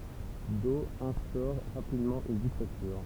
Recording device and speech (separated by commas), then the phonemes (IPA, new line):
temple vibration pickup, read sentence
dɔ ɛ̃stɔʁ ʁapidmɑ̃ yn diktatyʁ